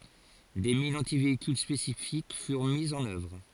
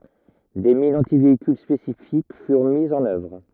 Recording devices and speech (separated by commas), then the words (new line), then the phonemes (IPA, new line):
forehead accelerometer, rigid in-ear microphone, read sentence
Des mines antivéhicules spécifiques furent mises en œuvre.
de minz ɑ̃tiveikyl spesifik fyʁ mizz ɑ̃n œvʁ